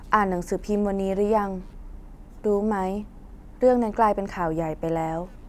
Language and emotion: Thai, neutral